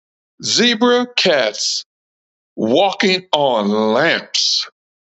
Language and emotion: English, disgusted